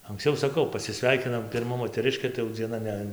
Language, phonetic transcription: Lithuanian, anksˈciau saˈkau pasiˈsveikinam pirˈma moteˈriškė tai jau dzieˈna ˈne

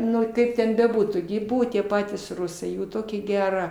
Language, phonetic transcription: Lithuanian, ˈnu ˈkaip ten beˈbūtų gi i ˈbuvo tie ˈpatys ˈrusai ˈjų ˈtokia ˈgera

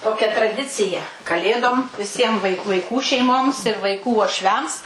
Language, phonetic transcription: Lithuanian, ˈtokia traˈdicija kaˈlėdom viˈsiem vaik vaiˈkų vaiˈkų šeiˈmoms ir vaiˈkų uošˈviams

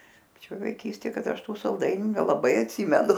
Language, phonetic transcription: Lithuanian, paˈčioj vaiˈkystė ˈkad ˈaš ˈtų salˈdainiu nelaˈbai atˈsymenu

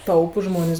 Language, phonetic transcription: Lithuanian, ˈtaupus ˈžmonės

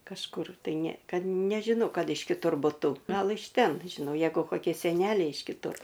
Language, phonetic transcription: Lithuanian, kažˈkur tai ne ˈkad nežiˈno ˈkad iš kiˈtur buˈtu ˈgal iš ˈten žiˈnau ˈjeigu koˈkie seˈneliai iš kiˈtur

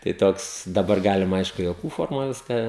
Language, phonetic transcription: Lithuanian, tai ˈtoks daˈbar ˈgalima ˈaišku juoˈkų ˈformoj ˈviską

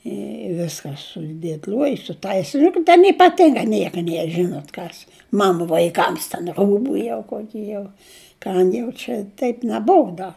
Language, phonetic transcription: Lithuanian, i ˈviska sudėtˈliojus sutais' juk ten ypaˈtinga ˈnieka ˈnier ˈžinot ˈkas ˈmanu vaiˈkams ten ˈrūbu jau ˈkoki jau ˈkam jau čia ˈteip neˈbuu ˈda

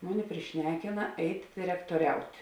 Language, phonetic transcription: Lithuanian, ˈmuˌni priˈšnekina ˈeit' direktoˈriaut'

